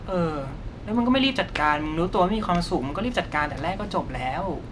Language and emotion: Thai, frustrated